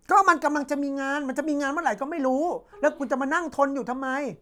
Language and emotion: Thai, angry